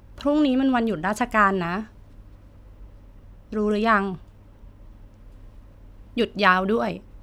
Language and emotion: Thai, neutral